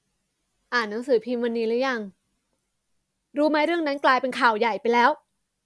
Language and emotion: Thai, frustrated